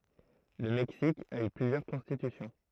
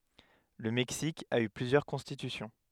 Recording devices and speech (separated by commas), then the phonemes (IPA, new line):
throat microphone, headset microphone, read sentence
lə mɛksik a y plyzjœʁ kɔ̃stitysjɔ̃